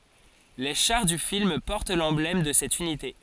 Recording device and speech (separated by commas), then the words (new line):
forehead accelerometer, read sentence
Les chars du film portent l'emblème de cette unité.